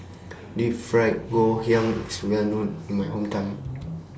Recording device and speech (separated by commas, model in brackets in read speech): standing microphone (AKG C214), read sentence